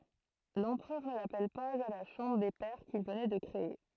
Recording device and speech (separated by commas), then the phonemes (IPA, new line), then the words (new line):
throat microphone, read sentence
lɑ̃pʁœʁ nə lapɛl paz a la ʃɑ̃bʁ de pɛʁ kil vənɛ də kʁee
L'Empereur ne l'appelle pas à la Chambre des pairs qu'il venait de créer.